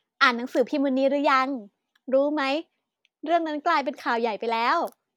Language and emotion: Thai, happy